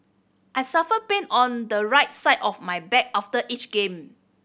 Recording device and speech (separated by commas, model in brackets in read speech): boundary microphone (BM630), read sentence